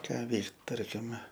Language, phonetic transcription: Lithuanian, ˈką ˈveikt ˈtarkime

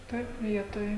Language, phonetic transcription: Lithuanian, ˈtaip ˈvietoj

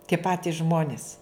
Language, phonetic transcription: Lithuanian, tie ˈpatis ˈžmonis

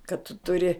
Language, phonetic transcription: Lithuanian, kad tu tuˈri

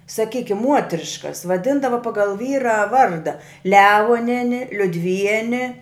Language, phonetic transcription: Lithuanian, saˈkykim ˈmuotriškas vaˈdindava ˈpagal ˈvyra ˈvarda ˈlevoneni liudˈvieni

